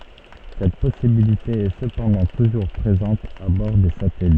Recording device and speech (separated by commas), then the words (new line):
soft in-ear microphone, read sentence
Cette possibilité est cependant toujours présente à bord des satellites.